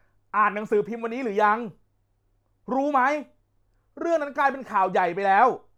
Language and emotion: Thai, angry